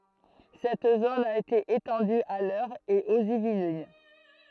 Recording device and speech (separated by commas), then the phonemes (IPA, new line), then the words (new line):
throat microphone, read sentence
sɛt zon a ete etɑ̃dy a lœʁ e oz ivlin
Cette zone a été étendue à l'Eure et aux Yvelines.